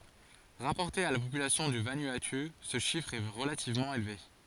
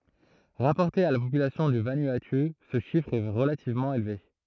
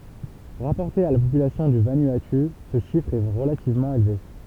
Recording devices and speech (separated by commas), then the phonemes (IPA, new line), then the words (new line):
forehead accelerometer, throat microphone, temple vibration pickup, read sentence
ʁapɔʁte a la popylasjɔ̃ dy vanuatu sə ʃifʁ ɛ ʁəlativmɑ̃ elve
Rapporté à la population du Vanuatu, ce chiffre est relativement élevé.